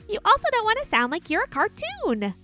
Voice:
high pitched, energetic